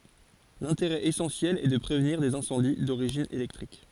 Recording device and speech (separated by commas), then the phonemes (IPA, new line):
forehead accelerometer, read sentence
lɛ̃teʁɛ esɑ̃sjɛl ɛ də pʁevniʁ dez ɛ̃sɑ̃di doʁiʒin elɛktʁik